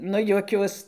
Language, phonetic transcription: Lithuanian, ˈnu juoˈkiuos

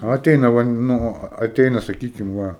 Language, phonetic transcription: Lithuanian, aˈteina ˈvan ˈnu aˈteina saˈkykim ˈva

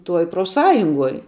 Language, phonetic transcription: Lithuanian, ˈtuoj profˈsąjunguoj

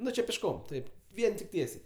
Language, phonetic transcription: Lithuanian, ˈnu či pišˈkom ˈtaip ˈvien tik ˈtiesiai

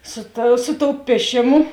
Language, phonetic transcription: Lithuanian, ˈsu ta su tou ˈpiešėˌmu

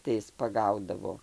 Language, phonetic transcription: Lithuanian, tai ˈis paˈgaudavo

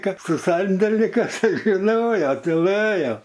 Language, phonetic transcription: Lithuanian, ˈkad su ˈsandelinikas ˈtai žiˈnojo tiˈlɘjo

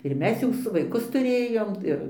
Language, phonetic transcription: Lithuanian, ir ˈmes jau ˈsu vaiˈkus tuˈrėjom ˈir

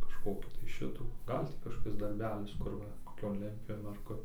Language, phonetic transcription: Lithuanian, kažˈkokį tai ˈšitų ˈgal' tį kažkoˈkis darˈbelis ˈkur va koˈkion ˈlentpjūvėn ar ˈkur

